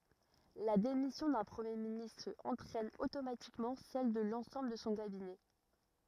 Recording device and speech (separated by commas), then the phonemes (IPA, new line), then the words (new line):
rigid in-ear microphone, read sentence
la demisjɔ̃ dœ̃ pʁəmje ministʁ ɑ̃tʁɛn otomatikmɑ̃ sɛl də lɑ̃sɑ̃bl də sɔ̃ kabinɛ
La démission d'un Premier ministre entraîne automatiquement celle de l'ensemble de son Cabinet.